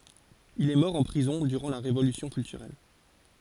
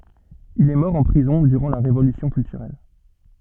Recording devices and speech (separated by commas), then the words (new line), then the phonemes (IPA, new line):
forehead accelerometer, soft in-ear microphone, read sentence
Il est mort en prison durant la Révolution culturelle.
il ɛ mɔʁ ɑ̃ pʁizɔ̃ dyʁɑ̃ la ʁevolysjɔ̃ kyltyʁɛl